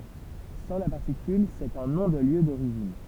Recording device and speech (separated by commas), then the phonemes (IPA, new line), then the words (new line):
temple vibration pickup, read sentence
sɑ̃ la paʁtikyl sɛt œ̃ nɔ̃ də ljø doʁiʒin
Sans la particule, c’est un nom de lieu d’origine.